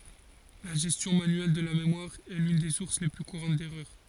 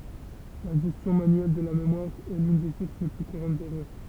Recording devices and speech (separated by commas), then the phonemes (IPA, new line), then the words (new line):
forehead accelerometer, temple vibration pickup, read sentence
la ʒɛstjɔ̃ manyɛl də la memwaʁ ɛ lyn de suʁs le ply kuʁɑ̃t dɛʁœʁ
La gestion manuelle de la mémoire est l'une des sources les plus courantes d'erreur.